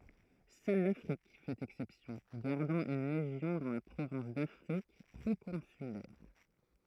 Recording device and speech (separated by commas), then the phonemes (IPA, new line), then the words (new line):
throat microphone, read sentence
sœl lafʁik fɛt ɛksɛpsjɔ̃ ɡaʁdɑ̃ yn leʒjɔ̃ dɑ̃ la pʁovɛ̃s dafʁik pʁokɔ̃sylɛʁ
Seule l'Afrique fait exception, gardant une légion dans la province d'Afrique proconsulaire.